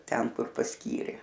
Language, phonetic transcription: Lithuanian, ˈten ˈkur pasˈkyrė

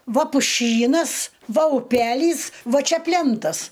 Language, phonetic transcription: Lithuanian, ˈva puˈšynas ˈva uˈpelys ˈva ˈčia ˈplentas

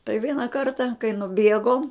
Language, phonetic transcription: Lithuanian, tai ˈviena ˈkarta kai nuˈbiegom

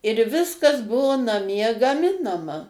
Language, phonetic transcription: Lithuanian, ir ˈviskas ˈbuvo naˈmie gaˈminama

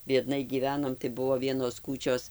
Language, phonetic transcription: Lithuanian, biedˈnai gyˈvenom tai ˈbuvo ˈvienos ˈkūčios

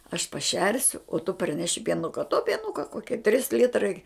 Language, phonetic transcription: Lithuanian, aš paˈšersiu o tu parˈneši pieˈnuka to pieˈnuka ˈkokie ˈtris ˈlitrai

